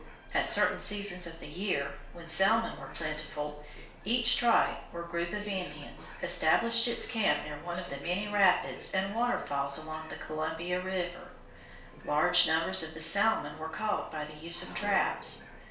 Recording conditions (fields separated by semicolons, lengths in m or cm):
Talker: one person; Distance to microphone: 1.0 m; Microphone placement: close; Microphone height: 1.1 m; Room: small (3.7 m by 2.7 m); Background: television